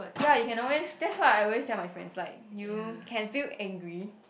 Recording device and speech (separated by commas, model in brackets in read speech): boundary microphone, conversation in the same room